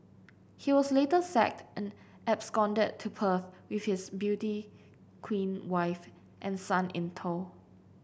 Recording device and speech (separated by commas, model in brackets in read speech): boundary microphone (BM630), read sentence